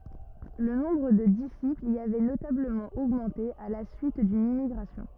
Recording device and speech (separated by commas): rigid in-ear microphone, read sentence